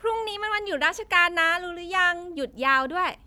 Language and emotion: Thai, happy